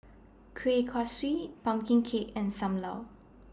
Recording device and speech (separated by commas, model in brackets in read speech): standing microphone (AKG C214), read sentence